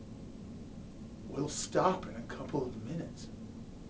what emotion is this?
disgusted